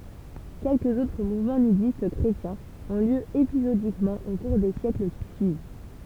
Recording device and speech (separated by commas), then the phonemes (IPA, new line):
temple vibration pickup, read sentence
kɛlkəz otʁ muvmɑ̃ nydist kʁetjɛ̃z ɔ̃ ljø epizodikmɑ̃ o kuʁ de sjɛkl ki syiv